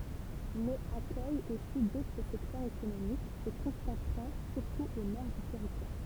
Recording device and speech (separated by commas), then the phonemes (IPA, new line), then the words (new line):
temple vibration pickup, read sentence
mɛz akœj osi dotʁ sɛktœʁz ekonomik sə kɔ̃sɑ̃tʁɑ̃ syʁtu o nɔʁ dy tɛʁitwaʁ
Mais accueille aussi d'autres secteurs économiques se concentrant surtout au nord du territoire.